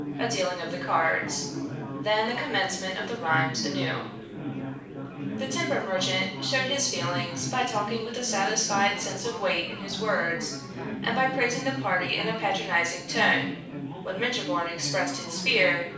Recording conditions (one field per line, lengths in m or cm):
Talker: one person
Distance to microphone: 5.8 m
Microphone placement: far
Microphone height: 1.8 m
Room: medium-sized (5.7 m by 4.0 m)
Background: babble